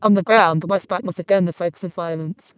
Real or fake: fake